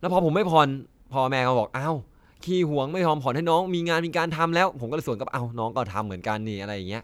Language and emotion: Thai, frustrated